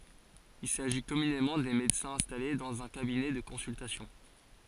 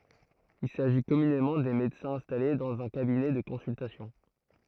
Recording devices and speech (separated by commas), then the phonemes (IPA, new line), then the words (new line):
forehead accelerometer, throat microphone, read sentence
il saʒi kɔmynemɑ̃ de medəsɛ̃z ɛ̃stale dɑ̃z œ̃ kabinɛ də kɔ̃syltasjɔ̃
Il s’agit communément des médecins installés dans un cabinet de consultation.